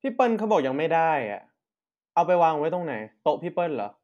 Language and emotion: Thai, frustrated